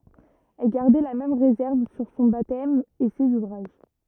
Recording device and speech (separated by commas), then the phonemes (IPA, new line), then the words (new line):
rigid in-ear microphone, read sentence
ɛl ɡaʁdɛ la mɛm ʁezɛʁv syʁ sɔ̃ batɛm e sez uvʁaʒ
Elle gardait la même réserve sur son baptême et ses ouvrages.